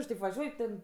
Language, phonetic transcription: Lithuanian, ir taip vaˈžiuoj ten

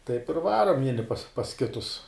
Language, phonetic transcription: Lithuanian, taip ir ˈvarom ˈvieni pas pas ˈkitus

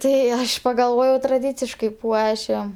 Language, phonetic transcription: Lithuanian, ˈtai ˈaš pagalˈvojau traˈdyciškai ˈpuošim

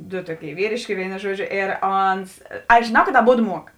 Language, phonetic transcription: Lithuanian, du ˈtuoˌkėi ˈvyrėškė ˈvėino ˈžuodˌžio ėr ˈons aš žėˈnau kad aˈbodu ˈmuok

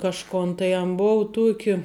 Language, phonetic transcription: Lithuanian, kažˈkon tai an ˈbou ˈtuoki

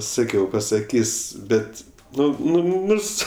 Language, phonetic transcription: Lithuanian, ˈsakiau pasaˈkys' ˈbet ˈnu nu nu ˈnurs

